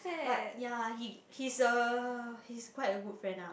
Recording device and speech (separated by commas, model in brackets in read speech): boundary microphone, conversation in the same room